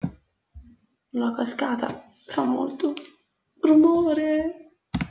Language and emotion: Italian, sad